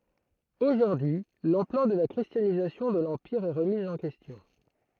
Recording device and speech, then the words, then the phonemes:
throat microphone, read sentence
Aujourd’hui, l’ampleur de la christianisation de l’Empire est remise en question.
oʒuʁdyi y lɑ̃plœʁ də la kʁistjanizasjɔ̃ də lɑ̃piʁ ɛ ʁəmiz ɑ̃ kɛstjɔ̃

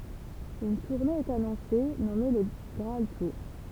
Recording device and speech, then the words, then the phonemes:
temple vibration pickup, read sentence
Une tournée est annoncée, nommée Le Graal Tour.
yn tuʁne ɛt anɔ̃se nɔme lə ɡʁaal tuʁ

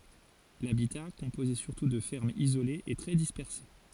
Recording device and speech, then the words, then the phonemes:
forehead accelerometer, read sentence
L'habitat, composé surtout de fermes isolées, est très dispersé.
labita kɔ̃poze syʁtu də fɛʁmz izolez ɛ tʁɛ dispɛʁse

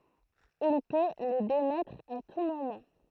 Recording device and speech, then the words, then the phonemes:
throat microphone, read sentence
Il peut les démettre à tout moment.
il pø le demɛtʁ a tu momɑ̃

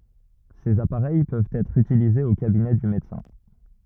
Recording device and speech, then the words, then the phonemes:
rigid in-ear microphone, read sentence
Ces appareils peuvent être utilisées au cabinet du médecin.
sez apaʁɛj pøvt ɛtʁ ytilizez o kabinɛ dy medəsɛ̃

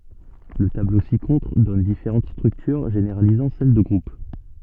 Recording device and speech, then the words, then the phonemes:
soft in-ear microphone, read sentence
Le tableau ci-contre donne différentes structures généralisant celle de groupe.
lə tablo si kɔ̃tʁ dɔn difeʁɑ̃t stʁyktyʁ ʒeneʁalizɑ̃ sɛl də ɡʁup

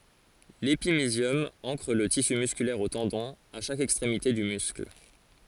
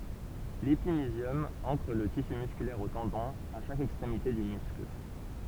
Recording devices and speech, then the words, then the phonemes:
forehead accelerometer, temple vibration pickup, read sentence
L'épimysium ancre le tissu musculaire aux tendons, à chaque extrémité du muscle.
lepimizjɔm ɑ̃kʁ lə tisy myskylɛʁ o tɑ̃dɔ̃z a ʃak ɛkstʁemite dy myskl

